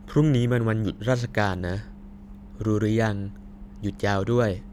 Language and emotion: Thai, neutral